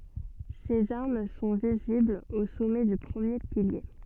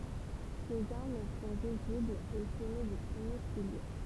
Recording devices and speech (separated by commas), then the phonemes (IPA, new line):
soft in-ear microphone, temple vibration pickup, read sentence
sez aʁm sɔ̃ viziblz o sɔmɛ dy pʁəmje pilje